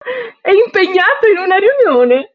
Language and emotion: Italian, happy